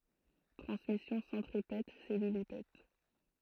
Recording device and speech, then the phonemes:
throat microphone, read sentence
tʁɑ̃smisjɔ̃ sɑ̃tʁipɛt sɛlylipɛt

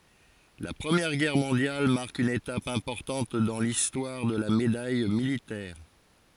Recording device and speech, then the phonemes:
forehead accelerometer, read sentence
la pʁəmjɛʁ ɡɛʁ mɔ̃djal maʁk yn etap ɛ̃pɔʁtɑ̃t dɑ̃ listwaʁ də la medaj militɛʁ

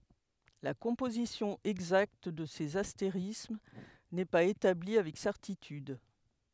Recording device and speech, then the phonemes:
headset microphone, read sentence
la kɔ̃pozisjɔ̃ ɛɡzakt də sez asteʁism nɛ paz etabli avɛk sɛʁtityd

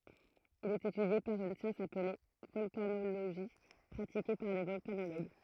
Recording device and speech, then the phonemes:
throat microphone, read sentence
il ɛt etydje paʁ yn sjɑ̃s aple vɔlkanoloʒi pʁatike paʁ de vɔlkanoloɡ

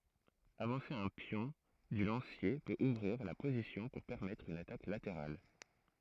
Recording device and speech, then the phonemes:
throat microphone, read sentence
avɑ̃se œ̃ pjɔ̃ dy lɑ̃sje pøt uvʁiʁ la pozisjɔ̃ puʁ pɛʁmɛtʁ yn atak lateʁal

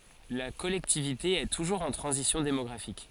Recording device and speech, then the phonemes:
forehead accelerometer, read sentence
la kɔlɛktivite ɛ tuʒuʁz ɑ̃ tʁɑ̃zisjɔ̃ demɔɡʁafik

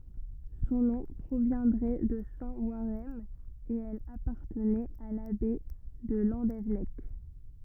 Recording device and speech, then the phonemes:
rigid in-ear microphone, read sentence
sɔ̃ nɔ̃ pʁovjɛ̃dʁɛ də sɛ̃ waʁɛʁn e ɛl apaʁtənɛt a labɛi də lɑ̃devɛnɛk

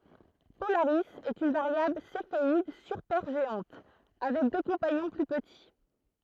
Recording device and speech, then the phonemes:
throat microphone, read sentence
polaʁi ɛt yn vaʁjabl sefeid sypɛʁʒeɑ̃t avɛk dø kɔ̃paɲɔ̃ ply pəti

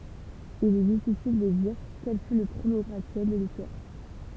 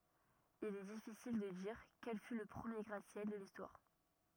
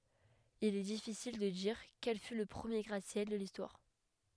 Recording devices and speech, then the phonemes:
temple vibration pickup, rigid in-ear microphone, headset microphone, read sentence
il ɛ difisil də diʁ kɛl fy lə pʁəmje ɡʁatəsjɛl də listwaʁ

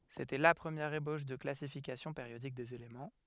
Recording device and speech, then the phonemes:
headset microphone, read sentence
setɛ la pʁəmjɛʁ eboʃ də klasifikasjɔ̃ peʁjodik dez elemɑ̃

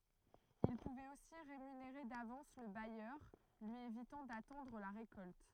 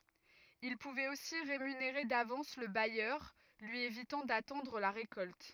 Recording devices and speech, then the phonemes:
throat microphone, rigid in-ear microphone, read sentence
il puvɛt osi ʁemyneʁe davɑ̃s lə bajœʁ lyi evitɑ̃ datɑ̃dʁ la ʁekɔlt

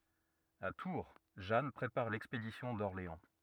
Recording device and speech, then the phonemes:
rigid in-ear microphone, read sentence
a tuʁ ʒan pʁepaʁ lɛkspedisjɔ̃ dɔʁleɑ̃

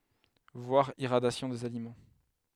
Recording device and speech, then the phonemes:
headset microphone, read sentence
vwaʁ iʁadjasjɔ̃ dez alimɑ̃

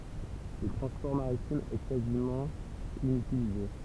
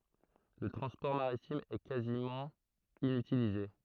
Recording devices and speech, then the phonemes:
temple vibration pickup, throat microphone, read sentence
lə tʁɑ̃spɔʁ maʁitim ɛ kazimɑ̃ inytilize

